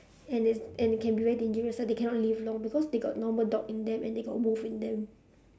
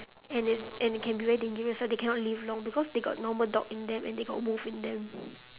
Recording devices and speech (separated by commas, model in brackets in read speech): standing microphone, telephone, conversation in separate rooms